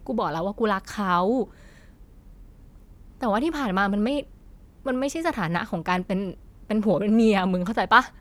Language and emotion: Thai, frustrated